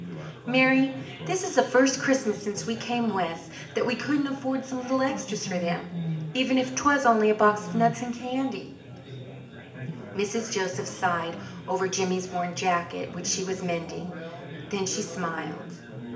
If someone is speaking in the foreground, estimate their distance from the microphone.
1.8 m.